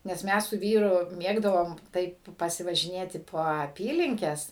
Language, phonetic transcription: Lithuanian, nes ˈmes su ˈvyru ˈmėgdavom ˈtaip pasivažiˈnėti po aˈpylinkes

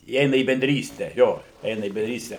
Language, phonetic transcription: Lithuanian, įˈeina į benˈdryste ˈjo ˈeina į bendˈryste

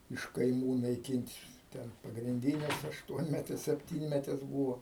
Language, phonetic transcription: Lithuanian, iš kaiˈmų naiˈkint' ˈten pagrinˈdynes ašˈtuonmetes sepˈtynmetes būvo

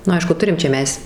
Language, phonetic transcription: Lithuanian, nu ˈaišku ˈturim čia ˈmes

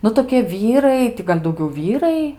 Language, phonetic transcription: Lithuanian, ˈnu tokie ˈvyrai ˈti gal' dauˈgiau ˈvyrai

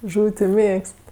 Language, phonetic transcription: Lithuanian, ˈžūv' ti ˈmėgst

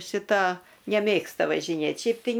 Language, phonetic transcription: Lithuanian, šiˈta neˈmėgsta važiˈnėt' ˈšiaip tai

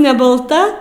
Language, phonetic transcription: Lithuanian, ne balˈta

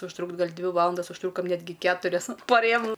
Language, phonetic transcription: Lithuanian, užˈtrukt' ˈgal' ˈdvi ˈvalandas užˈtrukom ˈnetgi ˈketurias pa ˈrėjom

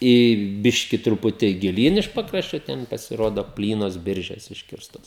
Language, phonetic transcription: Lithuanian, į ˈbiški truˈputį giˈlyn iš ˈpakraščio ˈten pasiˈrodo ˈplynos ˈbiržes ˈiškirstos

